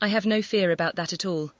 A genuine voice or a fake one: fake